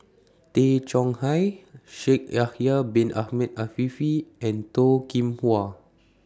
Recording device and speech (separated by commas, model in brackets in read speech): standing microphone (AKG C214), read sentence